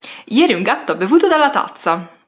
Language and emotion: Italian, happy